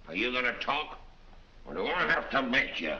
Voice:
coarsely